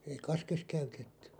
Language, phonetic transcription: Finnish, 'ei "kaskes 'käytetty .
- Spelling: ei kaskessa käytetty

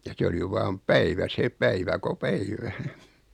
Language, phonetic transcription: Finnish, ja 'se oli 'vaam "päivä 'se "päivä ko "päivä .
- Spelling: ja se oli vain päivä se päivä kun päivä

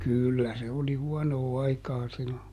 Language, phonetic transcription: Finnish, ˈkỳllä se oli ˈhuɔnoo ˈaikaa ˈsillo .
- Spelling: kyllä se oli huonoa aikaa silloin

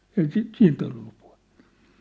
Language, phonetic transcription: Finnish, ei 'si- , "siint ‿ollu puhᴇ(ttᴀ) .
- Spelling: ei - siitä ollut puhetta

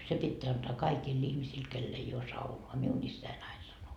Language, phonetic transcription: Finnish, 'se pitteä antaa 'kaikiil'l ‿ihmisiil kell ‿ei oo 'saunoa » miu'n ‿issäi'n ‿ain sano .
- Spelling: se pitää antaa kaikille ihmisille kenellä ei ole saunaa minun isäni aina sanoi

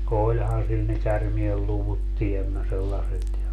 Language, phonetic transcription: Finnish, 'oĺhan sil ne 'kärmielluvut 'tiemmä sellaset ja , .
- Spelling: olihan sillä ne käärmeenluvut tiemmä sellaiset ja

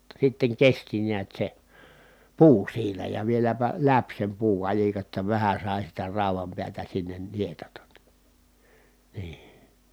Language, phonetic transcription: Finnish, [jot]ta sitteŋ kesti niät se , puu siinä ja vieläpä läp sem puukaĺika ‿tta vähä sài sitä ràu̬vam piätä sinnen nietatan ni , nii .
- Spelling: jotta sitten kesti näet se puu siinä ja vieläpä läpi sen puukalikan jotta vähän sai sitä raudan päätä sinne nietata niin niin

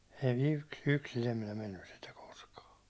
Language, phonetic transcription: Finnish, en yks- 'yksin ‿em minä 'mennys sentä kᴏskᴀᴀ .
- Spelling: en - yksin en minä mennyt sentään koskaan

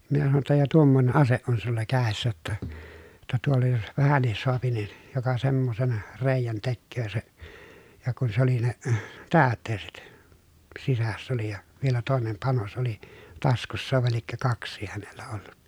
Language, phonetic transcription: Finnish, minä sanoj jotta » ja tuommoⁱne ʼaseʼ ʼon sulla kä̀essä ‿ttä , [jot]ta tuolla jos , vähännis soapi nin , joka semmosen , rèi̮jän tekköö se » , ja kun se ‿oli ne , täät̆teeset , sisäss ‿oli ja , vielä tòenem panos oli , taskussa vàe liekkö kaks̆sii hänellä ollu(t) .
- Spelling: minä sanoin jotta ja tuommoinen ase on sinulla kädessä että jotta tuolla jos vähänkin saa niin joka semmoisen reiän tekee se ja kun se oli ne täytteiset sisässä oli ja vielä toinen panos oli taskussa vai liekö kaksikin hänellä ollut

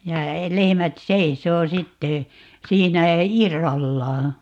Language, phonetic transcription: Finnish, ja , 'lehᵉmät "seisoo 'sitte , 'siinä , "irrallaa .
- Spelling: ja lehmät seisoo sitten siinä irrallaan

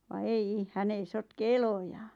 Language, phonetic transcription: Finnish, va "ei₍"i , 'hän ‿ei 'sotke "elojaaa̰ .
- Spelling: vaan ei hän ei sotke eloja

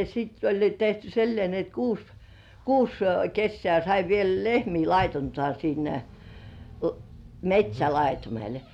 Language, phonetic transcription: Finnish, sitt ‿oĺ jo tehty sillĭè ni et kuus , "kuus 'kessĕä̀ sai viel lehmii lait̳§untŏà siinnä "met́śälaitumel .
- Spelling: sitten oli jo tehty sillä lailla niin että kuusi kuusi kesää sai vielä lehmiä laiduntaa siinä metsälaitumella

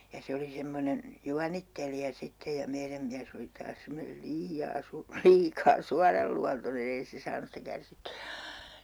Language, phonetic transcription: Finnish, ja 'se oli 'semmonen , "juanittelija 'sitte ja 'meiräm miäs ‿oli taas 'semmonel "lii₍aa 'su- , 'liikaa 'suaralluantonen ‿ei se 'saanus sitä 'kärsitty₍ä .
- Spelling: ja se oli semmoinen juonittelija sitten ja meidän mies oli taas semmoinen liian - liikaa suoranluontoinen ei se saanut sitä kärsittyä

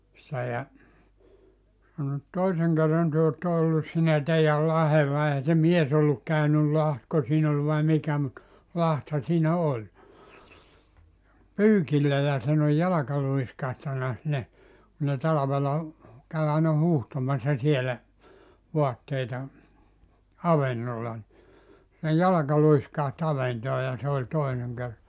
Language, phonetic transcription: Finnish, se ja , sano et » 'toiseŋ kerran 'työ otta ollus siinä 'teijäl 'lahella « eihä se 'mies ‿olluk 'käynyl 'lahtko siin ‿ol vai 'mikä mut , 'latha siinä "oĺ , » 'pyykillä ja siin ‿oj 'jalaka 'luiskahtana sinne « , ku ne 'talavela , 'käy aina 'huuhtomassa 'sielä , 'voatteita , "avennolla ni , sej 'jalaka 'luiskaht "aventoo ja se oĺ 'toineŋ 'ker- .
- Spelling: se ja sanoi että toisen kerran te olette ollut siinä teidän lahdella eihän se mies ollut käynyt lahtiko siinä oli vai mikä mutta lahtihan siinä oli pyykillä ja siinä on jalka luiskahtanut sinne kun ne talvella kävi aina huuhtomassa siellä vaatteita avannolla niin sen jalka luiskahti avantoon ja se oli toinen -

